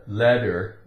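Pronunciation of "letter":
In 'letter', the t in the middle sounds like a d, a single d sound.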